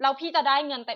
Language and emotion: Thai, frustrated